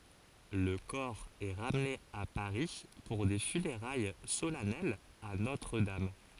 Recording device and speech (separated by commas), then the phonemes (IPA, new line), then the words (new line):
forehead accelerometer, read sentence
lə kɔʁ ɛ ʁamne a paʁi puʁ de fyneʁaj solɛnɛlz a notʁ dam
Le corps est ramené à Paris pour des funérailles solennelles à Notre-Dame.